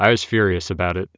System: none